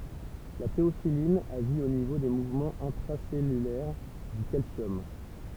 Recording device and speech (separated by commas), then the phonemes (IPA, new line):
temple vibration pickup, read sentence
la teofilin aʒi o nivo de muvmɑ̃z ɛ̃tʁasɛlylɛʁ dy kalsjɔm